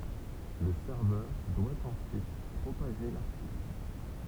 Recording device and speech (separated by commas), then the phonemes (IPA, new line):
temple vibration pickup, read sentence
lə sɛʁvœʁ dwa ɑ̃syit pʁopaʒe laʁtikl